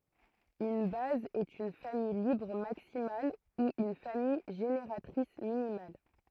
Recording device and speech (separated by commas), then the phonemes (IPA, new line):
throat microphone, read sentence
yn baz ɛt yn famij libʁ maksimal u yn famij ʒeneʁatʁis minimal